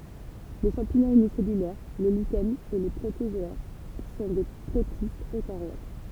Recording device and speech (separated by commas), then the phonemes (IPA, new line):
temple vibration pickup, read sentence
le ʃɑ̃piɲɔ̃z ynisɛlylɛʁ le liʃɛnz e le pʁotozɔɛʁ sɔ̃ de pʁotistz økaʁjot